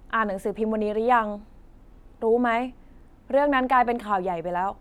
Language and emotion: Thai, frustrated